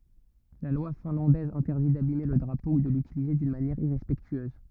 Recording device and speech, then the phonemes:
rigid in-ear microphone, read sentence
la lwa fɛ̃lɑ̃dɛz ɛ̃tɛʁdi dabime lə dʁapo u də lytilize dyn manjɛʁ iʁɛspɛktyøz

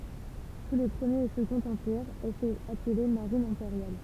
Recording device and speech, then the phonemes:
temple vibration pickup, read sentence
su le pʁəmjeʁ e səɡɔ̃t ɑ̃piʁz ɛl sɛt aple maʁin ɛ̃peʁjal

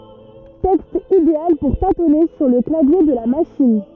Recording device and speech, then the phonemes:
rigid in-ear microphone, read sentence
tɛkst ideal puʁ tatɔne syʁ lə klavje də la maʃin

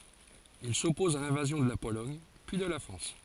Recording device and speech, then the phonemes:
forehead accelerometer, read sentence
il sɔpɔz a lɛ̃vazjɔ̃ də la polɔɲ pyi də la fʁɑ̃s

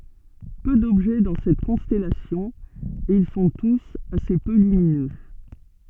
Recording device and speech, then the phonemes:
soft in-ear microphone, read sentence
pø dɔbʒɛ dɑ̃ sɛt kɔ̃stɛlasjɔ̃ e il sɔ̃ tus ase pø lyminø

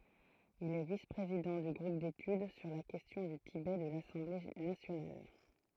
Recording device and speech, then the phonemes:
throat microphone, read sentence
il ɛ vis pʁezidɑ̃ dy ɡʁup detyd syʁ la kɛstjɔ̃ dy tibɛ də lasɑ̃ble nasjonal

